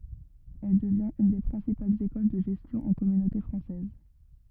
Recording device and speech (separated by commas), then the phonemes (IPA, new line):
rigid in-ear microphone, read sentence
ɛl dəvjɛ̃t yn de pʁɛ̃sipalz ekɔl də ʒɛstjɔ̃ ɑ̃ kɔmynote fʁɑ̃sɛz